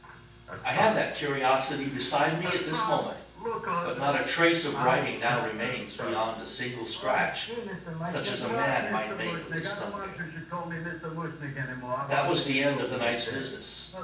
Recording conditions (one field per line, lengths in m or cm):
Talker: one person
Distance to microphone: 9.8 m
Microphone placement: far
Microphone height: 1.8 m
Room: large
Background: television